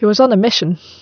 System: none